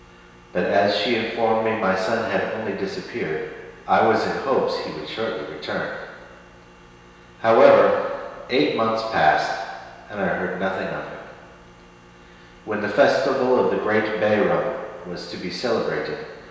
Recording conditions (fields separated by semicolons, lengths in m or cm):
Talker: one person; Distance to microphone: 1.7 m; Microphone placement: close; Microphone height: 1.0 m; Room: very reverberant, large; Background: none